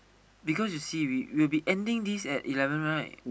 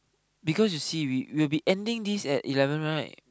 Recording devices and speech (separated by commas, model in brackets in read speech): boundary microphone, close-talking microphone, conversation in the same room